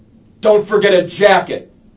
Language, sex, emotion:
English, male, angry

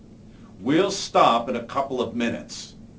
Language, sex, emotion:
English, male, neutral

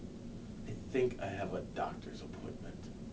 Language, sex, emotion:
English, male, sad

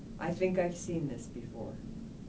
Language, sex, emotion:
English, female, neutral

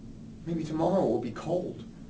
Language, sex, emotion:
English, male, sad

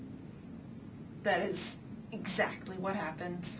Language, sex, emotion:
English, female, disgusted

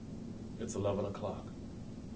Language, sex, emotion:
English, male, neutral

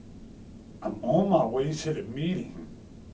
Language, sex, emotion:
English, male, neutral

